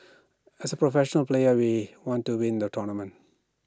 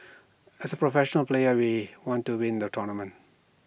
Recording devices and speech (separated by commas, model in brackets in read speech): standing microphone (AKG C214), boundary microphone (BM630), read sentence